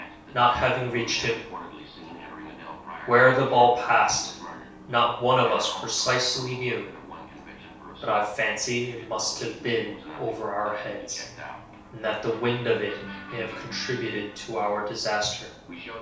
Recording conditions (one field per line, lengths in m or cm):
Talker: one person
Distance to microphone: 3.0 m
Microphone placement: far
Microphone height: 1.8 m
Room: small (3.7 m by 2.7 m)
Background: television